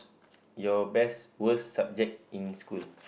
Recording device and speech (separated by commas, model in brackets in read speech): boundary microphone, conversation in the same room